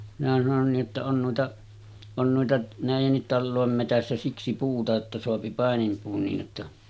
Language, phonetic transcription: Finnish, minä sanon nii’ ’otta » 'on nuita , 'on nuita , 'nä̀ijennit "tallòem metässä 'siksi puuta että soapi 'pàenimpuun niij jotta « ,.
- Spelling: minä sanoin niin jotta on noita on noita näidenkin talojen metsässä siksi puuta että saa paininpuun niin jotta

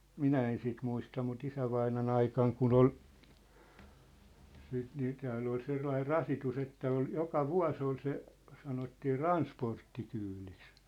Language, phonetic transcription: Finnish, minä en sit 'muista mut 'isävaina'n ‿aikaŋ kun ‿ol , siit nii 'tääll ‿ol 'sellair "rasitus ‿että ol , "joka "vua̭s ‿ol se , 'sanottii "ransporttikyyliks .
- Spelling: minä en sitten muista mutta isävainajan aikana kun oli sitten niin täällä oli sellainen rasitus että oli joka vuosi oli se sanottiin transporttikyydiksi

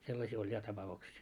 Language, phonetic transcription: Finnish, 'sellasii oĺ 'ja tapa₍uksii .
- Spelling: sellaisia oli ja tapauksia

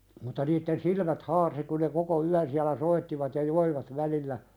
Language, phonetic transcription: Finnish, mutta niitten "silmät 'haarsi ku ne koko 'yän siälä "soittivat ja "joivat 'välillä ,.
- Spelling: mutta niiden silmät harsi kun ne koko yön siellä soittivat ja joivat välillä

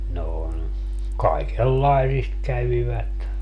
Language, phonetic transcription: Finnish, noo ne , 'kaikel"laisist 'kävivät .
- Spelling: no ne kaikenlaisista kävivät

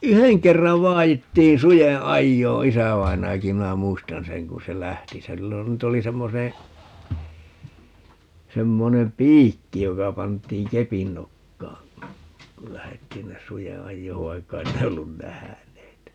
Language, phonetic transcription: Finnish, "yheŋ 'kerrav 'vaajittiin "suje 'ajjoo 'isävainajaki - 'minä 'muistan 'seŋ ku se 'lähti ('sillä) nyt ‿oli 'semmone , 'semmonem "piikki 'joka 'pant̀iiŋ "kepin 'nokkaa , kul 'lähettii ‿nnes 'suje "ajjoov 'vaikka 'ei ne ollun "nähäneet .
- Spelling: yhden kerran vaadittiin suden ajoa isävainajakin minä muistan sen kun se lähti sillä nyt oli semmoinen semmoinen piikki joka pantiin kepin nokkaan kun lähdettiin sinne suden ajoon vaikka ei ne ollut nähneet

